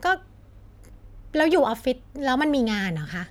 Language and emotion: Thai, frustrated